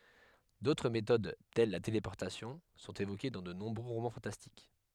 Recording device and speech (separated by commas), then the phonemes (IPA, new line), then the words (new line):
headset microphone, read sentence
dotʁ metod tɛl la telepɔʁtasjɔ̃ sɔ̃t evoke dɑ̃ də nɔ̃bʁø ʁomɑ̃ fɑ̃tastik
D'autres méthodes, telles la téléportation, sont évoquées dans de nombreux romans fantastiques.